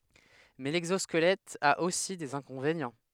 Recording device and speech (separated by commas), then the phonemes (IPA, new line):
headset microphone, read sentence
mɛ lɛɡzɔskəlɛt a osi dez ɛ̃kɔ̃venjɑ̃